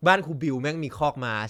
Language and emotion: Thai, neutral